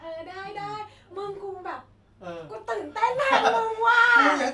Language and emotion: Thai, happy